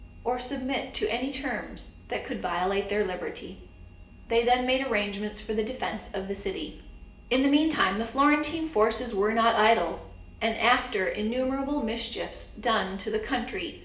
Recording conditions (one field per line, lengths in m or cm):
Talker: one person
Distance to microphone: 1.8 m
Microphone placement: close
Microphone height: 1.0 m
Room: large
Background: none